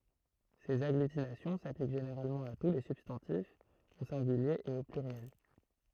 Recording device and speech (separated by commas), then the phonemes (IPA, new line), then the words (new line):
throat microphone, read sentence
sez aɡlytinasjɔ̃ saplik ʒeneʁalmɑ̃ a tu le sybstɑ̃tifz o sɛ̃ɡylje e o plyʁjɛl
Ces agglutinations s'appliquent généralement à tous les substantifs, au singulier et au pluriel.